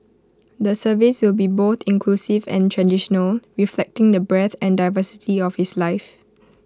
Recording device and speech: close-talking microphone (WH20), read sentence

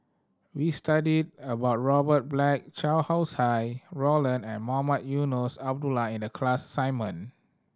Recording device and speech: standing microphone (AKG C214), read sentence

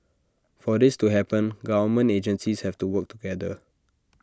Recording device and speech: standing microphone (AKG C214), read sentence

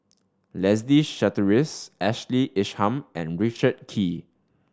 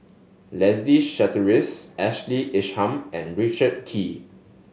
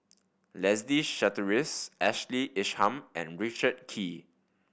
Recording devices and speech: standing microphone (AKG C214), mobile phone (Samsung S8), boundary microphone (BM630), read sentence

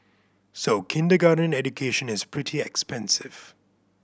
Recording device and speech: boundary microphone (BM630), read sentence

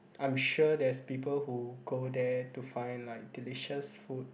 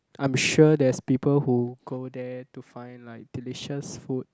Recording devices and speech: boundary microphone, close-talking microphone, conversation in the same room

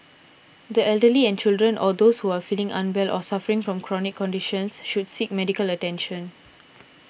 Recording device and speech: boundary microphone (BM630), read sentence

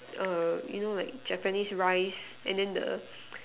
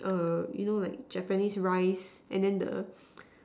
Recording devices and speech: telephone, standing microphone, conversation in separate rooms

